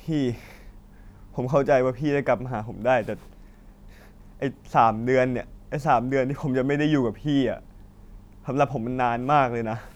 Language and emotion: Thai, sad